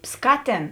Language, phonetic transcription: Lithuanian, ˈskaˌtėn

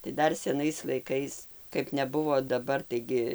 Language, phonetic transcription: Lithuanian, tai ˈdar seˈnais laiˈkais kaip neˈbuvo daˈbar taiˈgi

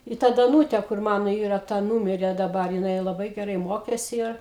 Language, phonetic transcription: Lithuanian, i ˈta daˈnūte kur ˈmano ˈyra ˈta ˈnūmirė daˈbar jiˈnai laˈbai geˈrai ˈmokėsi ˈir

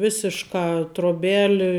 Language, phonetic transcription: Lithuanian, ˈvisiška troˈbeli

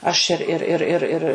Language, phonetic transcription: Lithuanian, aš ir ir ˈir ir

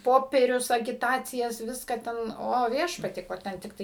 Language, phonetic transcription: Lithuanian, ˈpoperius agiˈtacijas ˈviską ˈten ˈo ˈviešpatie ˈko ˈten tikˈtai

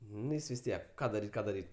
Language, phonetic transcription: Lithuanian, nu ˈjis vis ˈtiek ˈką daˈryt' ˈką daˈryt'

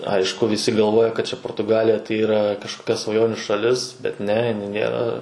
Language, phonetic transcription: Lithuanian, ˈaišku viˈsi galˈvoja kad čia portuˈgalija tai yˈra kažkoˈkia svaˈjonių šaˈlis ˈbet ˈne iˈnai ˈnėra

